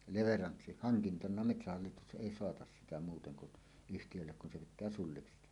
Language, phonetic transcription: Finnish, leveranssi- , "haŋkintana 'metsähallitus "ˀèi 'soatas sitä muuteŋ kun , "yhtijöllek kun se 'pit̆tää "sulliksi 'tehä .
- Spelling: - leveranssihankintana metsähallitus ei saata sitä muuten kuin yhtiölle kun se pitää sulliksi tehdä

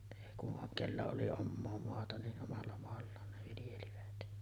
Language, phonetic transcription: Finnish, èi ku’ ’oŋ 'kellä oli "ommoo 'moata ni’ ’omalla moallaan ne viljelivät .
- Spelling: ei kun on kenellä oli omaa maata niin omalla maallaan ne viljelivät

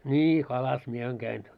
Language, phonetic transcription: Finnish, 'ńi 'kalas mie 'aiŋ käin .
- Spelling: niin kalassa minä aina kävin

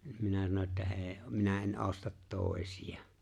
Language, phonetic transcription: Finnish, ɴ 'minä sano että » '’e̬e̬ , 'minä 'e̬n "’ostat "tòesijᴀ « .
- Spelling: no minä sanoin että ei minä en osta toisia

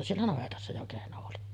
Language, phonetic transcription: Finnish, siellä 'navetassa jo 'kehno oli .
- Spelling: siellä navetassa jo kehno oli

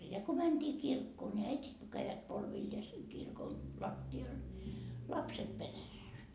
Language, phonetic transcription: Finnish, ja ko 'mänDii 'kirkkoo ńi "äitit ko käivät 'polvilleeseŋ kirkon , 'latti₍al , "lapset 'perässä .
- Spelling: ja kun mentiin kirkkoon niin äidit kun kävivät polvilleen kirkon lattialle lapset perässä

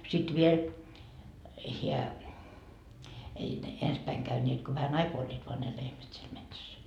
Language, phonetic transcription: Finnish, sit 'viel , hiä , ei ne "ens päiŋ käyńeet ko vähä"n ‿aikoa oĺĺiit voa ne 'lehmät siel 'metsäs .
- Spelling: sitten vielä hän ei ne ensin päin käyneet kun vähän aikaa olivat vain ne lehmät siellä metsässä

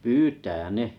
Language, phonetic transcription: Finnish, pyytä "ne .
- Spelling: pyytää ne

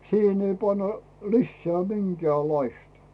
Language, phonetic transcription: Finnish, 'siihen ei panna "lisseä , 'minkᵉä̀ĺlaistᴀ .
- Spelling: siihen ei panna lisää minkäänlaista

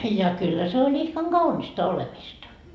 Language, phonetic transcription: Finnish, ja 'kyllä se oĺ 'ihkaŋ "Gaunista 'olemista .
- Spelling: ja kyllä se oli ihkan kaunista olemista

